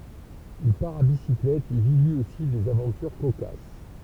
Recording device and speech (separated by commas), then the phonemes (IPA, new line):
temple vibration pickup, read sentence
il paʁ a bisiklɛt e vi lyi osi dez avɑ̃tyʁ kokas